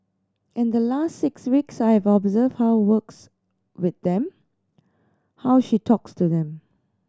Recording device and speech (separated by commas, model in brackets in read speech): standing microphone (AKG C214), read sentence